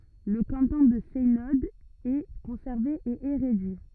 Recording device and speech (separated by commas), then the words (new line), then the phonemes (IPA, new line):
rigid in-ear microphone, read sentence
Le canton de Seynod est conservé et est réduit.
lə kɑ̃tɔ̃ də sɛnɔd ɛ kɔ̃sɛʁve e ɛ ʁedyi